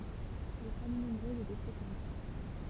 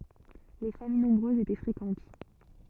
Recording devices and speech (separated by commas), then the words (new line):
temple vibration pickup, soft in-ear microphone, read sentence
Les familles nombreuses étaient fréquentes.